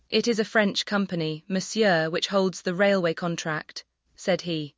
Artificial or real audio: artificial